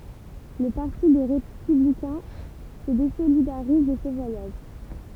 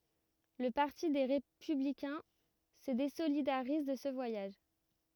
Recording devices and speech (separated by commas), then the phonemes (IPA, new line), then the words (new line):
temple vibration pickup, rigid in-ear microphone, read sentence
lə paʁti de ʁepyblikɛ̃ sə dezolidaʁiz də sə vwajaʒ
Le parti des Républicains se désolidarise de ce voyage.